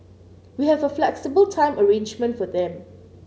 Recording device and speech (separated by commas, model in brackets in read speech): mobile phone (Samsung C9), read sentence